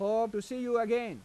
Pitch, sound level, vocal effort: 230 Hz, 95 dB SPL, loud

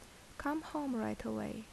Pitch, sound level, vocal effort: 230 Hz, 73 dB SPL, soft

